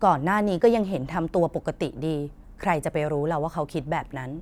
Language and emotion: Thai, neutral